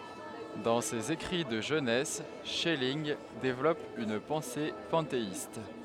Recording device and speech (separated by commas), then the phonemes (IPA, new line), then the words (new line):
headset microphone, read sentence
dɑ̃ sez ekʁi də ʒønɛs ʃɛlinɡ devlɔp yn pɑ̃se pɑ̃teist
Dans ses écrits de jeunesse, Schelling développe une pensée panthéiste.